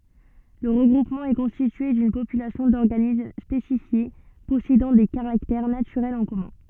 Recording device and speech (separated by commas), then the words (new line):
soft in-ear microphone, read sentence
Le regroupement est constitué d'une population d'organismes spécifiés possédant des caractères naturels en commun.